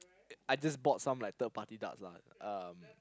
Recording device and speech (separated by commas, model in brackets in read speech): close-talking microphone, conversation in the same room